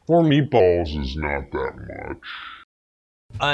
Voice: Deep voice